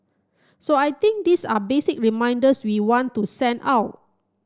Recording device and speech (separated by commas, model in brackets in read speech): close-talking microphone (WH30), read sentence